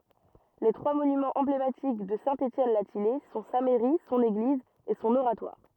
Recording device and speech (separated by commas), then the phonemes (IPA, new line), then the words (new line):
rigid in-ear microphone, read sentence
le tʁwa monymɑ̃z ɑ̃blematik də sɛ̃ etjɛn la tijɛj sɔ̃ sa mɛʁi sɔ̃n eɡliz e sɔ̃n oʁatwaʁ
Les trois monuments emblématiques de Saint-Étienne-la-Thillaye sont sa mairie, son église et son oratoire.